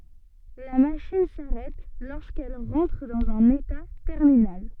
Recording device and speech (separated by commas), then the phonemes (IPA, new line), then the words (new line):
soft in-ear microphone, read sentence
la maʃin saʁɛt loʁskɛl ʁɑ̃tʁ dɑ̃z œ̃n eta tɛʁminal
La machine s'arrête lorsqu'elle rentre dans un état terminal.